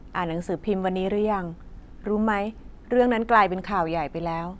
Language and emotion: Thai, neutral